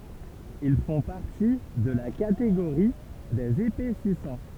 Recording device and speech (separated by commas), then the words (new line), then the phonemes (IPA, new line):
temple vibration pickup, read sentence
Ils font partie de la catégorie des épaississants.
il fɔ̃ paʁti də la kateɡoʁi dez epɛsisɑ̃